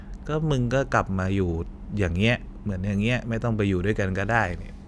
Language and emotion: Thai, neutral